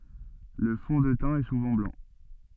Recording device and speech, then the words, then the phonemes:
soft in-ear microphone, read sentence
Le fond de teint est souvent blanc.
lə fɔ̃ də tɛ̃ ɛ suvɑ̃ blɑ̃

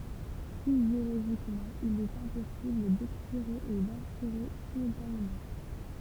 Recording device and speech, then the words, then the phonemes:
temple vibration pickup, read sentence
Physiologiquement, il est impossible d'expirer et d'inspirer simultanément.
fizjoloʒikmɑ̃ il ɛt ɛ̃pɔsibl dɛkspiʁe e dɛ̃spiʁe simyltanemɑ̃

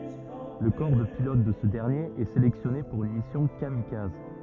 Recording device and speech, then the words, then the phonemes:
rigid in-ear microphone, read sentence
Le corps de pilotes de ce dernier est sélectionné pour une mission kamikaze.
lə kɔʁ də pilot də sə dɛʁnjeʁ ɛ selɛksjɔne puʁ yn misjɔ̃ kamikaz

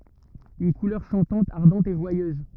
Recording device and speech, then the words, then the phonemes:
rigid in-ear microphone, read sentence
Une couleur chantante, ardente, et joyeuse.
yn kulœʁ ʃɑ̃tɑ̃t aʁdɑ̃t e ʒwajøz

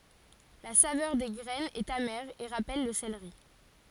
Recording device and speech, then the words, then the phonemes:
forehead accelerometer, read sentence
La saveur des graines est amère et rappelle le céleri.
la savœʁ de ɡʁɛnz ɛt amɛʁ e ʁapɛl lə seleʁi

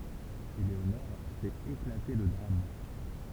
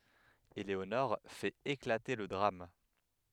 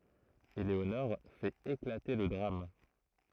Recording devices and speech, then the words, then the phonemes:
temple vibration pickup, headset microphone, throat microphone, read sentence
Eléonore fait éclater le drame.
eleonɔʁ fɛt eklate lə dʁam

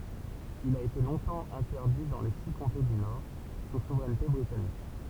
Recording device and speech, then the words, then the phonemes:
temple vibration pickup, read sentence
Il a été longtemps interdit dans les six comtés du Nord, sous souveraineté britannique.
il a ete lɔ̃tɑ̃ ɛ̃tɛʁdi dɑ̃ le si kɔ̃te dy nɔʁ su suvʁɛnte bʁitanik

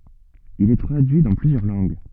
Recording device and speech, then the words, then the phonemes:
soft in-ear microphone, read sentence
Il est traduit dans plusieurs langues.
il ɛ tʁadyi dɑ̃ plyzjœʁ lɑ̃ɡ

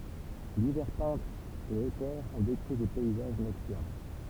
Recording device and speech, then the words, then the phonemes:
temple vibration pickup, read sentence
Divers peintres et auteurs ont décrit des paysages nocturnes.
divɛʁ pɛ̃tʁz e otœʁz ɔ̃ dekʁi de pɛizaʒ nɔktyʁn

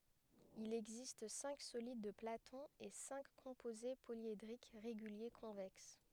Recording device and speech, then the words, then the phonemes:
headset microphone, read sentence
Il existe cinq solides de Platon et cinq composés polyédriques réguliers convexes.
il ɛɡzist sɛ̃k solid də platɔ̃ e sɛ̃k kɔ̃poze poljedʁik ʁeɡylje kɔ̃vɛks

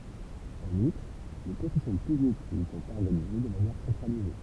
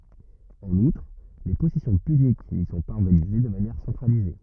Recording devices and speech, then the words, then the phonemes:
temple vibration pickup, rigid in-ear microphone, read sentence
En outre, les possessions puniques n'y sont pas organisées de manière centralisée.
ɑ̃n utʁ le pɔsɛsjɔ̃ pynik ni sɔ̃ paz ɔʁɡanize də manjɛʁ sɑ̃tʁalize

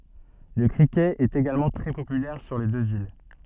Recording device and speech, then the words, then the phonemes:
soft in-ear microphone, read sentence
Le cricket est également très populaire sur les deux îles.
lə kʁikɛt ɛt eɡalmɑ̃ tʁɛ popylɛʁ syʁ le døz il

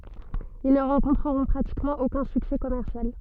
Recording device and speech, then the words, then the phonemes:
soft in-ear microphone, read sentence
Ils ne rencontreront pratiquement aucun succès commercial.
il nə ʁɑ̃kɔ̃tʁəʁɔ̃ pʁatikmɑ̃ okœ̃ syksɛ kɔmɛʁsjal

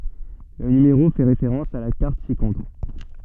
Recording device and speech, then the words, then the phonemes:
soft in-ear microphone, read sentence
Le numéro fait référence à la carte ci-contre.
lə nymeʁo fɛ ʁefeʁɑ̃s a la kaʁt sikɔ̃tʁ

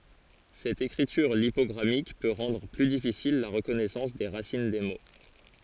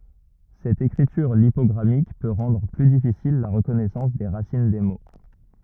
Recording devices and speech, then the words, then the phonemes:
forehead accelerometer, rigid in-ear microphone, read sentence
Cette écriture lipogrammique peut rendre plus difficile la reconnaissance des racines des mots.
sɛt ekʁityʁ lipɔɡʁamik pø ʁɑ̃dʁ ply difisil la ʁəkɔnɛsɑ̃s de ʁasin de mo

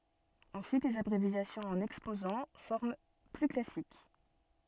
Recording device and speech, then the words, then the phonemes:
soft in-ear microphone, read sentence
Ensuite les abréviations en Exposant, forme plus classique.
ɑ̃syit lez abʁevjasjɔ̃z ɑ̃n ɛkspozɑ̃ fɔʁm ply klasik

